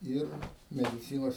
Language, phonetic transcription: Lithuanian, ˈir mediˈcynos

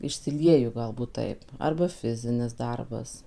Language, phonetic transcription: Lithuanian, išsiˈlieju ˈgalbūt ˈtaip arba ˈfizinis ˈdarbas

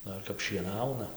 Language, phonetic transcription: Lithuanian, ˈdar kap šieˈnauna

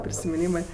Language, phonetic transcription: Lithuanian, prisimiˈnymɜ

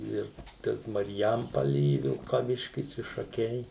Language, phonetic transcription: Lithuanian, ˈir ˈtas marˈjampali i vilkaˈviškis i šaˈkiai

